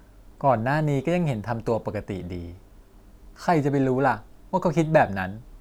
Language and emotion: Thai, frustrated